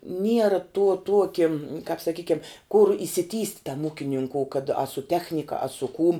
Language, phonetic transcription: Lithuanian, ˈniera tuo ˈtuoki kāp saˈkykiam kur išsiˈtįst' tam ˈūkininkou kad a su ˈtechnika a su kūm

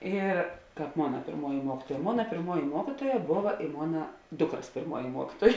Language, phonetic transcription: Lithuanian, ir ˈkāp ˈmona pėrˈmuoji ˈmuokytuoja ˈmona pėrˈmuoji ˈmuokytuoja ˈbova i ˈmona ˈdukras pėrˈmuoji ˈmuokytuoj

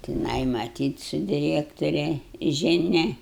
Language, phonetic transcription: Lithuanian, tiˈnai maˈtyt su diˈrekturia žiˈnia

